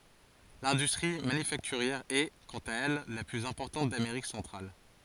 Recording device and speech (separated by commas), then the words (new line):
forehead accelerometer, read sentence
L'industrie manufacturière est, quant à elle, la plus importante d'Amérique centrale.